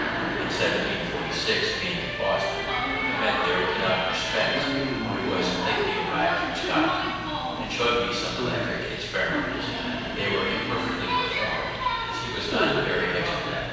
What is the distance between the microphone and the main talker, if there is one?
7.1 m.